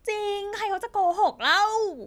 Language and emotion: Thai, happy